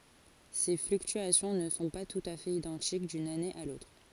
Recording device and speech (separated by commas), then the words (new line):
forehead accelerometer, read sentence
Ces fluctuations ne sont pas tout à fait identiques d'une année à l'autre.